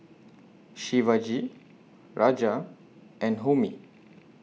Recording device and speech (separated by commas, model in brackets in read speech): mobile phone (iPhone 6), read sentence